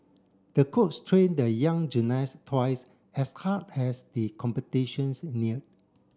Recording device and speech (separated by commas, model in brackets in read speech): standing microphone (AKG C214), read sentence